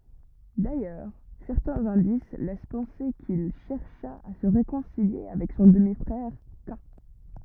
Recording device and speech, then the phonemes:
rigid in-ear microphone, read sentence
dajœʁ sɛʁtɛ̃z ɛ̃dis lɛs pɑ̃se kil ʃɛʁʃa a sə ʁekɔ̃silje avɛk sɔ̃ dəmi fʁɛʁ ka

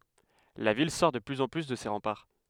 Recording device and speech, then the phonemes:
headset microphone, read sentence
la vil sɔʁ də plyz ɑ̃ ply də se ʁɑ̃paʁ

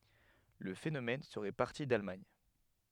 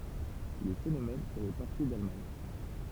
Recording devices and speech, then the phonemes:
headset microphone, temple vibration pickup, read sentence
lə fenomɛn səʁɛ paʁti dalmaɲ

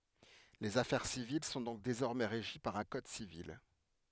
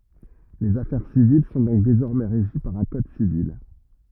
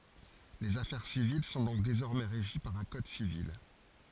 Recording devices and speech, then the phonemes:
headset microphone, rigid in-ear microphone, forehead accelerometer, read sentence
lez afɛʁ sivil sɔ̃ dɔ̃k dezɔʁmɛ ʁeʒi paʁ œ̃ kɔd sivil

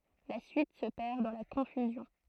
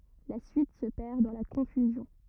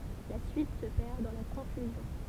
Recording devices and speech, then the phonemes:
throat microphone, rigid in-ear microphone, temple vibration pickup, read sentence
la syit sə pɛʁ dɑ̃ la kɔ̃fyzjɔ̃

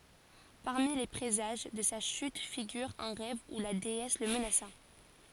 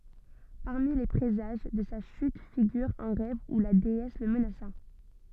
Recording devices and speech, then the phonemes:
forehead accelerometer, soft in-ear microphone, read sentence
paʁmi le pʁezaʒ də sa ʃyt fiɡyʁ œ̃ ʁɛv u la deɛs lə mənasa

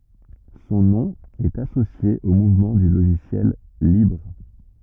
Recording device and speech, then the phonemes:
rigid in-ear microphone, read sentence
sɔ̃ nɔ̃ ɛt asosje o muvmɑ̃ dy loʒisjɛl libʁ

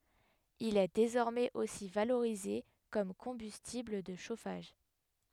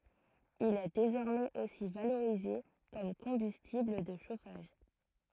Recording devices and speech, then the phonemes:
headset microphone, throat microphone, read sentence
il ɛ dezɔʁmɛz osi valoʁize kɔm kɔ̃bystibl də ʃofaʒ

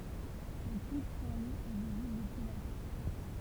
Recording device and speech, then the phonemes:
temple vibration pickup, read sentence
lə pik sɛ̃tlup ɛ vizibl dəpyi la mɛʁ

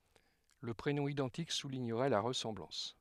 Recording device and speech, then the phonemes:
headset microphone, read sentence
lə pʁenɔ̃ idɑ̃tik suliɲəʁɛ la ʁəsɑ̃blɑ̃s

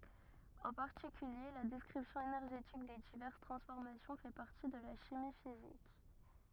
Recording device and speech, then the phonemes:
rigid in-ear microphone, read sentence
ɑ̃ paʁtikylje la dɛskʁipsjɔ̃ enɛʁʒetik de divɛʁs tʁɑ̃sfɔʁmasjɔ̃ fɛ paʁti də la ʃimi fizik

